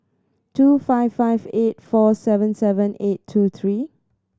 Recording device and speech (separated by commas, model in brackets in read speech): standing microphone (AKG C214), read sentence